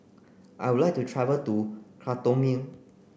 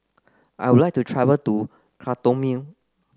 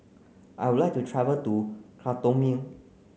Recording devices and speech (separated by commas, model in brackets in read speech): boundary microphone (BM630), close-talking microphone (WH30), mobile phone (Samsung C9), read sentence